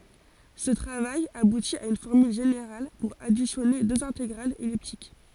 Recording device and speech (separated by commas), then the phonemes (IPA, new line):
forehead accelerometer, read sentence
sə tʁavaj abuti a yn fɔʁmyl ʒeneʁal puʁ adisjɔne døz ɛ̃teɡʁalz ɛliptik